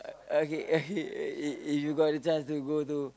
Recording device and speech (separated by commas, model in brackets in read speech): close-talking microphone, conversation in the same room